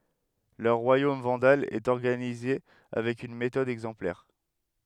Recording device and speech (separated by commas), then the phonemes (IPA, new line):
headset microphone, read sentence
lœʁ ʁwajom vɑ̃dal ɛt ɔʁɡanize avɛk yn metɔd ɛɡzɑ̃plɛʁ